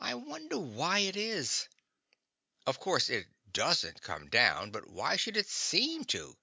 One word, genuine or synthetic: genuine